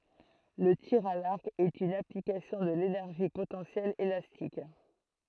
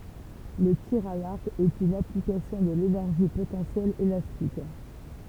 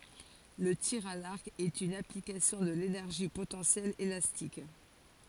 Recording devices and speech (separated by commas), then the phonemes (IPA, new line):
throat microphone, temple vibration pickup, forehead accelerometer, read sentence
lə tiʁ a laʁk ɛt yn aplikasjɔ̃ də lenɛʁʒi potɑ̃sjɛl elastik